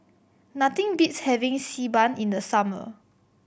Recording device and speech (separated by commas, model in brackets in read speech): boundary microphone (BM630), read sentence